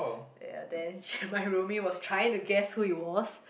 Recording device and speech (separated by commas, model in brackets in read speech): boundary microphone, conversation in the same room